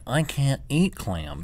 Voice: funny voice